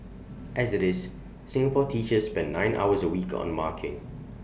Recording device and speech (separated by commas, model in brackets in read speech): boundary microphone (BM630), read sentence